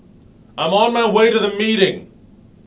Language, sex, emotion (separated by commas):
English, male, angry